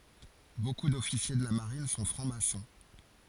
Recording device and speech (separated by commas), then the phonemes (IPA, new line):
forehead accelerometer, read sentence
boku dɔfisje də la maʁin sɔ̃ fʁɑ̃ksmasɔ̃